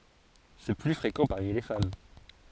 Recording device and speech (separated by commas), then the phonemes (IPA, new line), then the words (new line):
forehead accelerometer, read sentence
sɛ ply fʁekɑ̃ paʁmi le fam
C'est plus fréquent parmi les femmes.